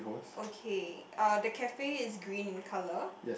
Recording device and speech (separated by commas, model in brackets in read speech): boundary microphone, conversation in the same room